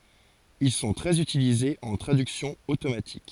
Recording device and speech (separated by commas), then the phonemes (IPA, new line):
forehead accelerometer, read sentence
il sɔ̃ tʁɛz ytilizez ɑ̃ tʁadyksjɔ̃ otomatik